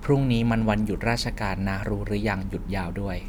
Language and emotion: Thai, neutral